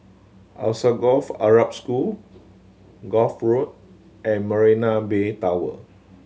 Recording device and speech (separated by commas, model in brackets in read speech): mobile phone (Samsung C7100), read sentence